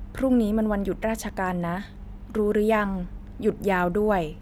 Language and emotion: Thai, neutral